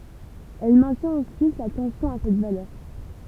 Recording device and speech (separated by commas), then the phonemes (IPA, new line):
temple vibration pickup, read sentence
ɛl mɛ̃tjɛ̃t ɑ̃syit la tɑ̃sjɔ̃ a sɛt valœʁ